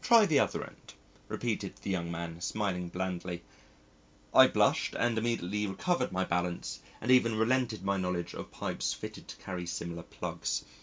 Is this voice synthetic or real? real